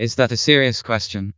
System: TTS, vocoder